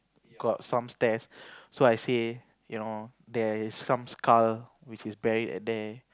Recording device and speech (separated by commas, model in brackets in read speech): close-talking microphone, conversation in the same room